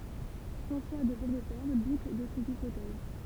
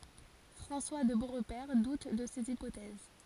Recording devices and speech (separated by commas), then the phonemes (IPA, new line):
temple vibration pickup, forehead accelerometer, read sentence
fʁɑ̃swa də boʁpɛʁ dut də sez ipotɛz